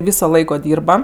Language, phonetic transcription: Lithuanian, ˈvyso ˈlaiko ˈdyrba

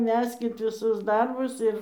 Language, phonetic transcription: Lithuanian, ˈmeskit viˈsus ˈdarbus ir

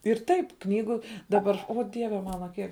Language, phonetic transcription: Lithuanian, ir ˈtaip ˈknygu daˈbar o ˈdieve ˈmana ˈkiek

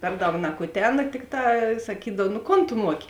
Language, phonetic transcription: Lithuanian, ˈper ˌdaug nakuˈtena ˈtikˌtā saˈkydav nu ˈkon tu ˈmuoki

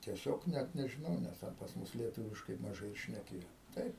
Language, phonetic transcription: Lithuanian, tieˈsiog ˈnæt nežiˈnau ˈnes ˈten pas ˈmus lieˈtuviškai maˈžai ir šneˈkėjo ˈtaip

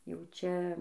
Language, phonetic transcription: Lithuanian, jau ˈčia

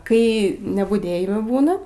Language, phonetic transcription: Lithuanian, ˈkai nebuˈdėjimɜ ˈbūna

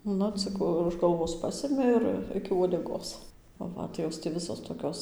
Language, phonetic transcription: Lithuanian, ˈnu ˈcik už galˈvos ˈpasimi ˈir ˈiki uodeˈgos ˈva tai ˈjos ti ˈvisos toˈkios

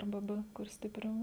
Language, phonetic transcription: Lithuanian, arˈba ˈbɘ kur stiˈpriau

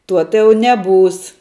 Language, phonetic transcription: Lithuanian, ˈtuo tai ˈjau neˈbūs

